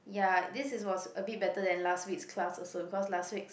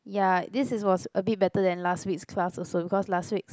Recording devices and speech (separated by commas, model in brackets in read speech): boundary microphone, close-talking microphone, conversation in the same room